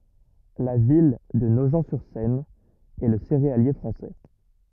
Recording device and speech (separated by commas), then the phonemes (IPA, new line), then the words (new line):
rigid in-ear microphone, read sentence
la vil də noʒ syʁ sɛn ɛ lə seʁealje fʁɑ̃sɛ
La ville de Nogent-sur-Seine est le céréalier français.